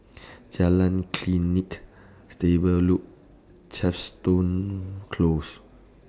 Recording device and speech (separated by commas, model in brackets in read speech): standing microphone (AKG C214), read sentence